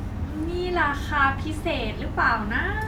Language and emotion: Thai, happy